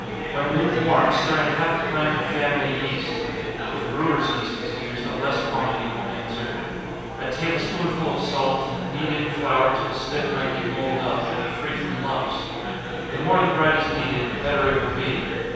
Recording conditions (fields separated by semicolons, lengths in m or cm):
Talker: one person; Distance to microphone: 7.1 m; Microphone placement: far; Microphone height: 1.7 m; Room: very reverberant, large; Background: babble